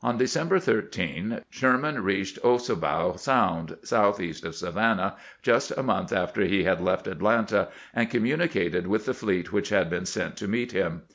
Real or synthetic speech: real